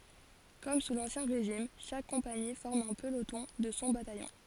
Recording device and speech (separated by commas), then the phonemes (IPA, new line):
forehead accelerometer, read sentence
kɔm su lɑ̃sjɛ̃ ʁeʒim ʃak kɔ̃pani fɔʁm œ̃ pəlotɔ̃ də sɔ̃ batajɔ̃